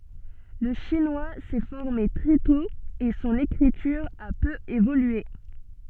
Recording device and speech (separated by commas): soft in-ear microphone, read sentence